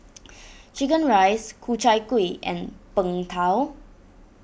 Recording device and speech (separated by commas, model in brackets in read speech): boundary microphone (BM630), read sentence